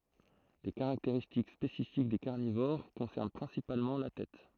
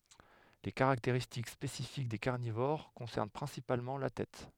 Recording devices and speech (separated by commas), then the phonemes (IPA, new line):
throat microphone, headset microphone, read sentence
le kaʁakteʁistik spesifik de kaʁnivoʁ kɔ̃sɛʁn pʁɛ̃sipalmɑ̃ la tɛt